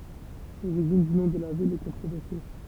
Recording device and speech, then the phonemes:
temple vibration pickup, read sentence
loʁiʒin dy nɔ̃ də la vil ɛ kɔ̃tʁovɛʁse

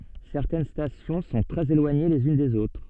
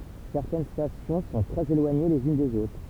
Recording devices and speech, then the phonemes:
soft in-ear microphone, temple vibration pickup, read sentence
sɛʁtɛn stasjɔ̃ sɔ̃ tʁɛz elwaɲe lez yn dez otʁ

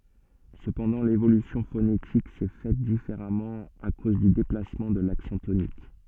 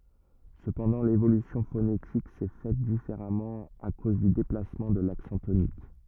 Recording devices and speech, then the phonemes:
soft in-ear microphone, rigid in-ear microphone, read sentence
səpɑ̃dɑ̃ levolysjɔ̃ fonetik sɛ fɛt difeʁamɑ̃ a koz dy deplasmɑ̃ də laksɑ̃ tonik

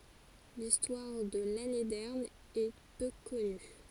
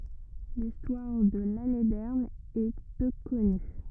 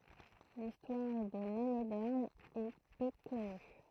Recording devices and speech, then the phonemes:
forehead accelerometer, rigid in-ear microphone, throat microphone, read sentence
listwaʁ də lanedɛʁn ɛ pø kɔny

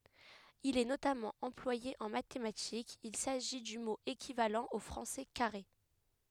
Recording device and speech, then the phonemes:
headset microphone, read sentence
il ɛ notamɑ̃ ɑ̃plwaje ɑ̃ matematikz il saʒi dy mo ekivalɑ̃ o fʁɑ̃sɛ kaʁe

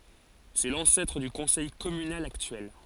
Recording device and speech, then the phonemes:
forehead accelerometer, read sentence
sɛ lɑ̃sɛtʁ dy kɔ̃sɛj kɔmynal aktyɛl

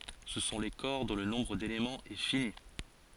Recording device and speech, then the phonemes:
forehead accelerometer, read sentence
sə sɔ̃ le kɔʁ dɔ̃ lə nɔ̃bʁ delemɑ̃z ɛ fini

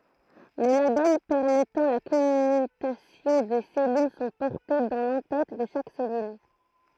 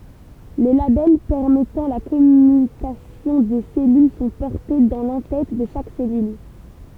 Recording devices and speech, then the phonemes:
throat microphone, temple vibration pickup, read sentence
le labɛl pɛʁmɛtɑ̃ la kɔmytasjɔ̃ de sɛlyl sɔ̃ pɔʁte dɑ̃ lɑ̃ tɛt də ʃak sɛlyl

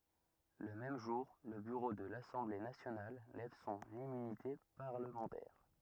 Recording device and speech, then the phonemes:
rigid in-ear microphone, read sentence
lə mɛm ʒuʁ lə byʁo də lasɑ̃ble nasjonal lɛv sɔ̃n immynite paʁləmɑ̃tɛʁ

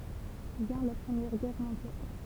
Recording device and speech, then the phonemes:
temple vibration pickup, read sentence
vjɛ̃ la pʁəmjɛʁ ɡɛʁ mɔ̃djal

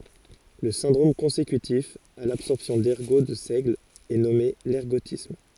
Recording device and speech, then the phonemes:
forehead accelerometer, read sentence
lə sɛ̃dʁom kɔ̃sekytif a labsɔʁpsjɔ̃ dɛʁɡo də sɛɡl ɛ nɔme lɛʁɡotism

